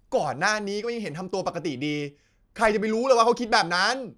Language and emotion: Thai, angry